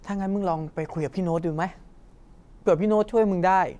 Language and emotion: Thai, frustrated